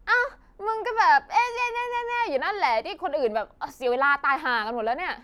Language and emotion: Thai, frustrated